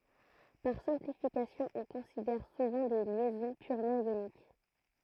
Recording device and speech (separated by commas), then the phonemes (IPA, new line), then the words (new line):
throat microphone, read sentence
paʁ sɛ̃plifikasjɔ̃ ɔ̃ kɔ̃sidɛʁ suvɑ̃ de ljɛzɔ̃ pyʁmɑ̃ jonik
Par simplification, on considère souvent des liaisons purement ioniques.